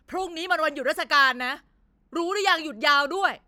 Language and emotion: Thai, angry